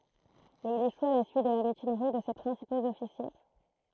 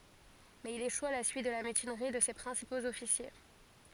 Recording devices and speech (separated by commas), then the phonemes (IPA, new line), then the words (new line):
throat microphone, forehead accelerometer, read sentence
mɛz il eʃu a la syit də la mytinʁi də se pʁɛ̃sipoz ɔfisje
Mais il échoue à la suite de la mutinerie de ses principaux officiers.